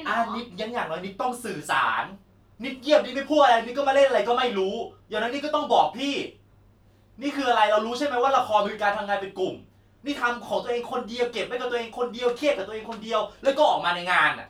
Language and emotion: Thai, angry